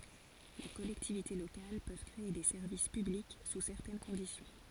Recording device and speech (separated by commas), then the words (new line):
forehead accelerometer, read sentence
Les collectivités locales peuvent créer des services publics sous certaines conditions.